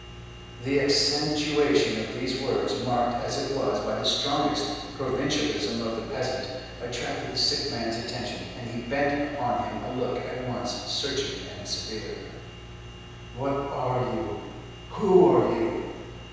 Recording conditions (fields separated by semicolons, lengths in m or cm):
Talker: one person; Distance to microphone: 7.1 m; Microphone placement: far; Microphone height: 1.7 m; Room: very reverberant, large; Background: none